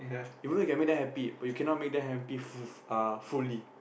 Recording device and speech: boundary microphone, conversation in the same room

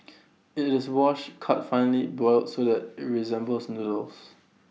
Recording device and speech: mobile phone (iPhone 6), read sentence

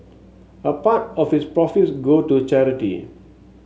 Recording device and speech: mobile phone (Samsung S8), read sentence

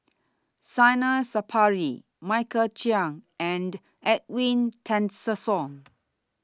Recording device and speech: standing microphone (AKG C214), read sentence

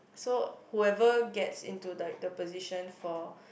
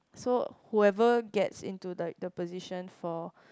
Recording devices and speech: boundary microphone, close-talking microphone, conversation in the same room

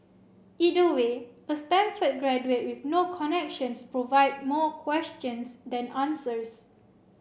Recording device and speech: boundary microphone (BM630), read sentence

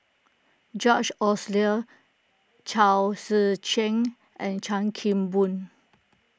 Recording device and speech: close-talking microphone (WH20), read sentence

